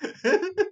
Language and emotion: Thai, happy